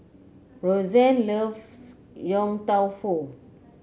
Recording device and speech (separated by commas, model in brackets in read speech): mobile phone (Samsung C9), read sentence